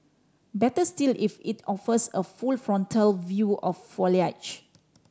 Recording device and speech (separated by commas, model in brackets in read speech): standing microphone (AKG C214), read sentence